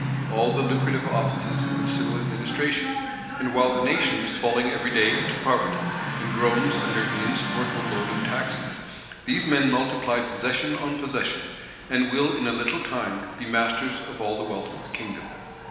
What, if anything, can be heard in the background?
A television.